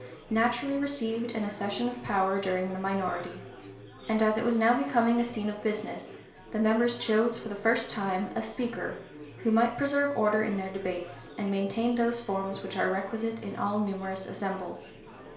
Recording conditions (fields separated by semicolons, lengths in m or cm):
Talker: one person; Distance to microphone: 1.0 m; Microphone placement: close; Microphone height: 1.1 m; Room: small (3.7 m by 2.7 m); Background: babble